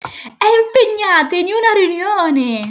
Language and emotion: Italian, happy